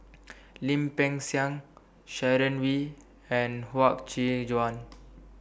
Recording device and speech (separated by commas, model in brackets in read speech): boundary microphone (BM630), read sentence